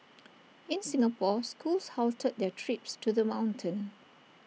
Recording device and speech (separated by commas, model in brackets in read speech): mobile phone (iPhone 6), read sentence